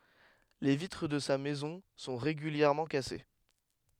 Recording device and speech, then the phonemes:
headset microphone, read sentence
le vitʁ də sa mɛzɔ̃ sɔ̃ ʁeɡyljɛʁmɑ̃ kase

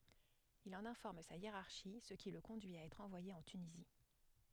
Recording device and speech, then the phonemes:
headset microphone, read sentence
il ɑ̃n ɛ̃fɔʁm sa jeʁaʁʃi sə ki lə kɔ̃dyi a ɛtʁ ɑ̃vwaje ɑ̃ tynizi

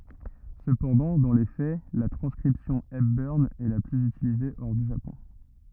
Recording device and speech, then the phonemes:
rigid in-ear microphone, read sentence
səpɑ̃dɑ̃ dɑ̃ le fɛ la tʁɑ̃skʁipsjɔ̃ ɛpbœʁn ɛ la plyz ytilize ɔʁ dy ʒapɔ̃

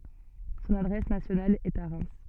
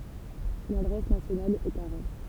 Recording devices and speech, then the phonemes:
soft in-ear microphone, temple vibration pickup, read sentence
sɔ̃n adʁɛs nasjonal ɛt a ʁɛm

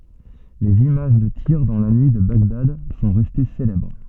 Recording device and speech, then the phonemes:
soft in-ear microphone, read sentence
lez imaʒ də tiʁ dɑ̃ la nyi də baɡdad sɔ̃ ʁɛste selɛbʁ

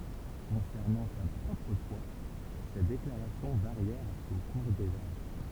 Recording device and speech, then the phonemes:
temple vibration pickup, read sentence
kɔ̃sɛʁnɑ̃ sa pʁɔpʁ fwa se deklaʁasjɔ̃ vaʁjɛʁt o kuʁ dez aʒ

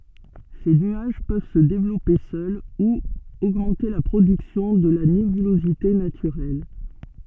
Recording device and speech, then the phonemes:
soft in-ear microphone, read sentence
se nyaʒ pøv sə devlɔpe sœl u oɡmɑ̃te la pʁodyksjɔ̃ də la nebylozite natyʁɛl

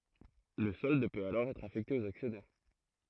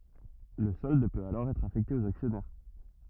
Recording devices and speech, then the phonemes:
throat microphone, rigid in-ear microphone, read sentence
lə sɔld pøt alɔʁ ɛtʁ afɛkte oz aksjɔnɛʁ

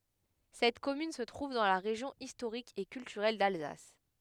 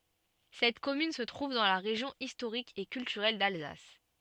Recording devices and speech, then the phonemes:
headset microphone, soft in-ear microphone, read sentence
sɛt kɔmyn sə tʁuv dɑ̃ la ʁeʒjɔ̃ istoʁik e kyltyʁɛl dalzas

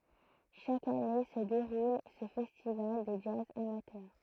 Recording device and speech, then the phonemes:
throat microphone, read sentence
ʃak ane sə deʁul sə fɛstival də dʒaz amatœʁ

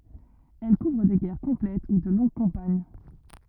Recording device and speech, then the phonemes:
rigid in-ear microphone, read sentence
ɛl kuvʁ de ɡɛʁ kɔ̃plɛt u də lɔ̃ɡ kɑ̃paɲ

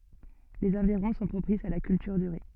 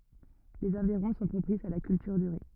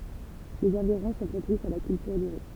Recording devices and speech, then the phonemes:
soft in-ear microphone, rigid in-ear microphone, temple vibration pickup, read sentence
lez ɑ̃viʁɔ̃ sɔ̃ pʁopisz a la kyltyʁ dy ʁi

